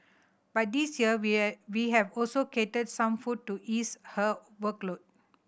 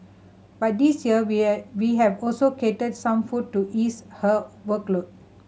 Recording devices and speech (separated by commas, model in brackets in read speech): boundary microphone (BM630), mobile phone (Samsung C7100), read sentence